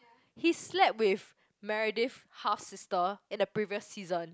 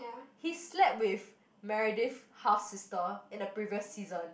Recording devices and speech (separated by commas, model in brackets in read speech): close-talking microphone, boundary microphone, conversation in the same room